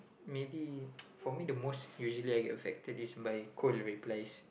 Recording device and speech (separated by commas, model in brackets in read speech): boundary microphone, conversation in the same room